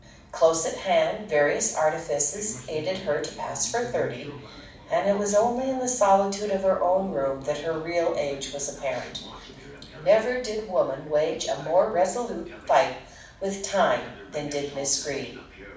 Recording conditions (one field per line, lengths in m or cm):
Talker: one person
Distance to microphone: 5.8 m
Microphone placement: far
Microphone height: 1.8 m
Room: medium-sized (5.7 m by 4.0 m)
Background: television